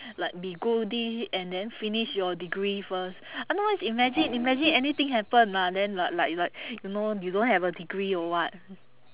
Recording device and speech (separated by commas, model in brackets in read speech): telephone, conversation in separate rooms